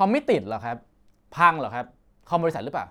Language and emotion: Thai, frustrated